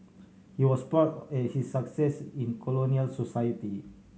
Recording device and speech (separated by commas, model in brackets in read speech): mobile phone (Samsung C7100), read sentence